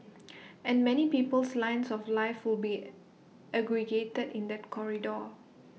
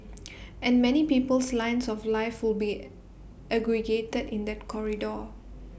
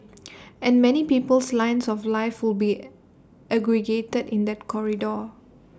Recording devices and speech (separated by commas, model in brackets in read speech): mobile phone (iPhone 6), boundary microphone (BM630), standing microphone (AKG C214), read sentence